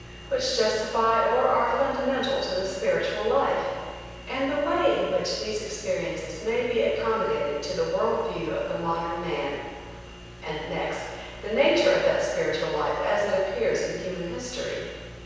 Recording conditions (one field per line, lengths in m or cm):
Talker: one person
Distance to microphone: 7.1 m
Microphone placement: far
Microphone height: 1.7 m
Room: very reverberant, large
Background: none